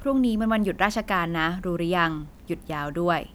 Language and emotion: Thai, neutral